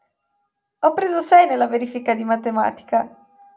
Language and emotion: Italian, happy